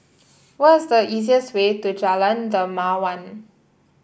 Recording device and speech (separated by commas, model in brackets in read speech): boundary microphone (BM630), read sentence